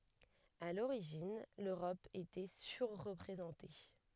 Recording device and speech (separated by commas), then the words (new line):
headset microphone, read sentence
À l’origine, l’Europe était surreprésentée.